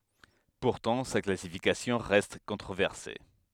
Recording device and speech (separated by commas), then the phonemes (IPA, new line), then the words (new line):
headset microphone, read sentence
puʁtɑ̃ sa klasifikasjɔ̃ ʁɛst kɔ̃tʁovɛʁse
Pourtant, sa classification reste controversée.